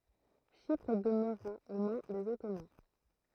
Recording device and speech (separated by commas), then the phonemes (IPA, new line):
throat microphone, read sentence
ʃipʁ dəmøʁa o mɛ̃ dez ɔtoman